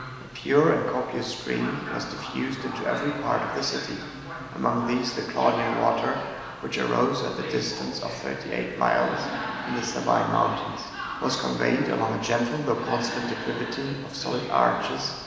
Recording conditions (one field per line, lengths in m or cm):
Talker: one person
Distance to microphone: 1.7 m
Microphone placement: close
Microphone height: 1.0 m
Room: very reverberant, large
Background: television